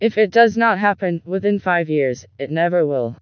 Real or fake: fake